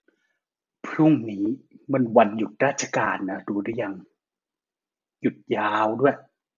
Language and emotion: Thai, frustrated